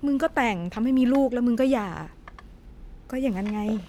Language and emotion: Thai, neutral